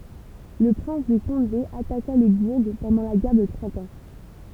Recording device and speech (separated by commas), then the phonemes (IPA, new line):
temple vibration pickup, read sentence
lə pʁɛ̃s də kɔ̃de ataka lə buʁ pɑ̃dɑ̃ la ɡɛʁ də tʁɑ̃t ɑ̃